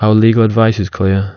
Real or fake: real